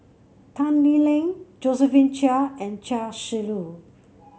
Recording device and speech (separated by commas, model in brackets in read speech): mobile phone (Samsung C7), read sentence